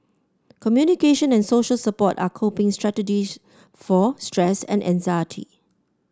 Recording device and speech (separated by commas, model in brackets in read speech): standing microphone (AKG C214), read sentence